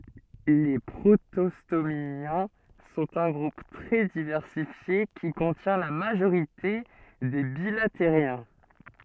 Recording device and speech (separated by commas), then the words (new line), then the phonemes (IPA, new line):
soft in-ear microphone, read sentence
Les protostomiens sont un groupe très diversifié qui contient la majorité des bilateriens.
le pʁotɔstomjɛ̃ sɔ̃t œ̃ ɡʁup tʁɛ divɛʁsifje ki kɔ̃tjɛ̃ la maʒoʁite de bilatəʁjɛ̃